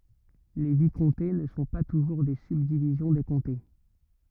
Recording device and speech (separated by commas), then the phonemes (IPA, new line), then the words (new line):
rigid in-ear microphone, read sentence
le vikɔ̃te nə sɔ̃ pa tuʒuʁ de sybdivizjɔ̃ de kɔ̃te
Les vicomtés ne sont pas toujours des subdivisions des comtés.